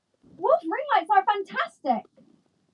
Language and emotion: English, surprised